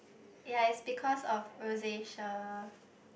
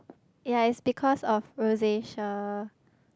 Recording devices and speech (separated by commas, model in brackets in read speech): boundary microphone, close-talking microphone, conversation in the same room